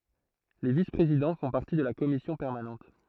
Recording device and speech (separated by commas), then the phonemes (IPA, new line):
throat microphone, read sentence
le vispʁezidɑ̃ fɔ̃ paʁti də la kɔmisjɔ̃ pɛʁmanɑ̃t